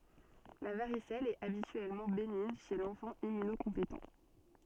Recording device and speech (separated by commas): soft in-ear microphone, read sentence